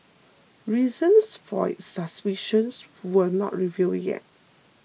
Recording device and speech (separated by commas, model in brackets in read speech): mobile phone (iPhone 6), read sentence